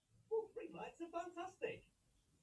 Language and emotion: English, happy